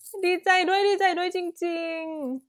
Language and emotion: Thai, happy